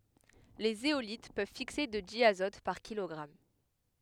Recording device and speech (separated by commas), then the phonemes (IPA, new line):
headset microphone, read sentence
le zeolit pøv fikse də djazɔt paʁ kilɔɡʁam